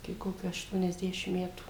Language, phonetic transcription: Lithuanian, iki ˈkokių aštuoniasˈdešim ˈmetų

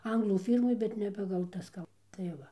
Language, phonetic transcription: Lithuanian, ˈanglų ˈfyrmoj ˈbet ne pagal ˈtas kal tai ˈva

